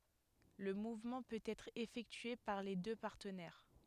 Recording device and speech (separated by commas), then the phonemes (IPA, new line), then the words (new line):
headset microphone, read sentence
lə muvmɑ̃ pøt ɛtʁ efɛktye paʁ le dø paʁtənɛʁ
Le mouvement peut être effectué par les deux partenaires.